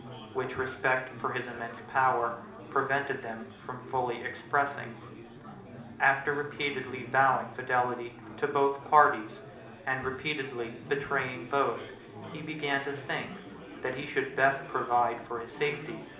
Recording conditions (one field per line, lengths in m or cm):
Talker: one person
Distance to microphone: 2.0 m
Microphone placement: close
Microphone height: 99 cm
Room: medium-sized (5.7 m by 4.0 m)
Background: babble